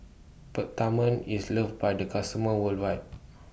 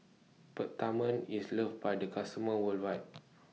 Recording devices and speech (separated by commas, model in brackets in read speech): boundary microphone (BM630), mobile phone (iPhone 6), read sentence